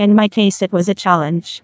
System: TTS, neural waveform model